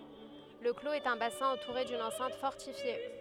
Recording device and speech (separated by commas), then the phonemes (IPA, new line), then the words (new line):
headset microphone, read sentence
lə kloz ɛt œ̃ basɛ̃ ɑ̃tuʁe dyn ɑ̃sɛ̃t fɔʁtifje
Le clos est un bassin entouré d'une enceinte fortifiée.